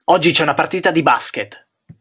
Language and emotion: Italian, angry